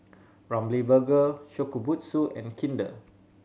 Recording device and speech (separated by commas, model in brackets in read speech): mobile phone (Samsung C7100), read sentence